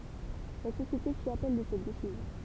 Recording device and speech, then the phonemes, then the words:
temple vibration pickup, read sentence
la sosjete fi apɛl də sɛt desizjɔ̃
La société fit appel de cette décision.

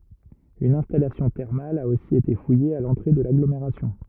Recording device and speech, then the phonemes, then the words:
rigid in-ear microphone, read sentence
yn ɛ̃stalasjɔ̃ tɛʁmal a osi ete fuje a lɑ̃tʁe də laɡlomeʁasjɔ̃
Une installation thermale a aussi été fouillée à l'entrée de l'agglomération.

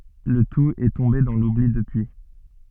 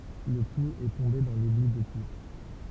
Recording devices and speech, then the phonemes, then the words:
soft in-ear microphone, temple vibration pickup, read sentence
lə tut ɛ tɔ̃be dɑ̃ lubli dəpyi
Le tout est tombé dans l'oubli depuis.

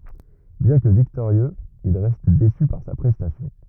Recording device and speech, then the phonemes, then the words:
rigid in-ear microphone, read sentence
bjɛ̃ kə viktoʁjøz il ʁɛst desy paʁ sa pʁɛstasjɔ̃
Bien que victorieux, il reste déçu par sa prestation.

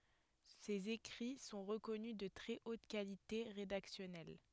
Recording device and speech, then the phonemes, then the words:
headset microphone, read sentence
sez ekʁi sɔ̃ ʁəkɔny də tʁɛ ot kalite ʁedaksjɔnɛl
Ses écrits sont reconnus de très haute qualité rédactionnelle.

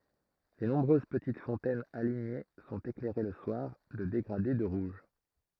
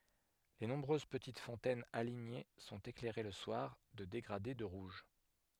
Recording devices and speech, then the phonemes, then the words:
throat microphone, headset microphone, read sentence
le nɔ̃bʁøz pətit fɔ̃tɛnz aliɲe sɔ̃t eklɛʁe lə swaʁ də deɡʁade də ʁuʒ
Les nombreuses petites fontaines alignées sont éclairées le soir de dégradés de rouge.

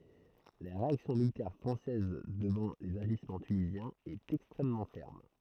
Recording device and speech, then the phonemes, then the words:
throat microphone, read sentence
la ʁeaksjɔ̃ militɛʁ fʁɑ̃sɛz dəvɑ̃ lez aʒismɑ̃ tynizjɛ̃z ɛt ɛkstʁɛmmɑ̃ fɛʁm
La réaction militaire française devant les agissements tunisiens est extrêmement ferme.

